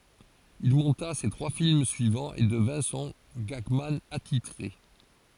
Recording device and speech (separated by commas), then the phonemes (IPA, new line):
forehead accelerometer, read sentence
il mɔ̃ta se tʁwa film syivɑ̃z e dəvɛ̃ sɔ̃ ɡaɡman atitʁe